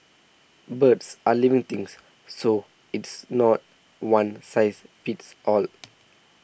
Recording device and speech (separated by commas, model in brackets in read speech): boundary microphone (BM630), read sentence